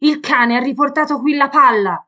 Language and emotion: Italian, angry